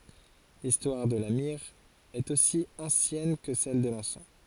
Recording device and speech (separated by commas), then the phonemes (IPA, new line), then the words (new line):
forehead accelerometer, read sentence
listwaʁ də la miʁ ɛt osi ɑ̃sjɛn kə sɛl də lɑ̃sɑ̃
L'histoire de la myrrhe est aussi ancienne que celle de l'encens.